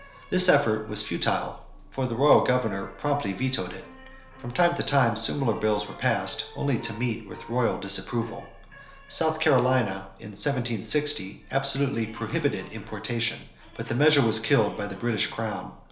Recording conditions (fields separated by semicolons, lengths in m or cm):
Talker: one person; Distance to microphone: 1.0 m; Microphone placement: close; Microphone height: 1.1 m; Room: small (3.7 m by 2.7 m); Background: television